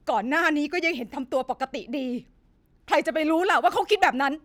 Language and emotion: Thai, angry